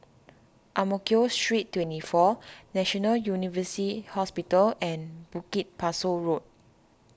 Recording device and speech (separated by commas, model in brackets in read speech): standing microphone (AKG C214), read sentence